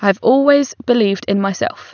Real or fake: real